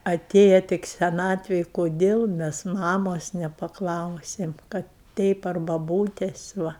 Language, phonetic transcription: Lithuanian, aˈtėja tik seˈnatvėj koˈdėl ˈmes ˈmamos nepaˈklausėm ˈkad teip ar baˈbūtes ˈva

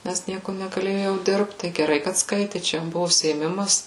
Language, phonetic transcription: Lithuanian, nes ˈnieku negaˈlėju jau ˈdirbt tai geˈrai kad ˈskaiti ˈčia jam ˈbuvu užsiėˈmimas

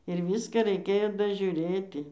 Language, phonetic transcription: Lithuanian, ir ˈvyską reiˈkėjo dažiuˈrėti

